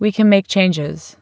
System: none